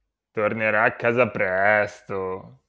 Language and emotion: Italian, disgusted